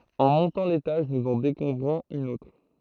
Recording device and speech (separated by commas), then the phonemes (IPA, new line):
throat microphone, read sentence
ɑ̃ mɔ̃tɑ̃ letaʒ nuz ɑ̃ dekuvʁɔ̃z yn otʁ